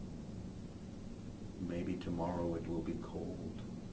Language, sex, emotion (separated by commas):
English, male, neutral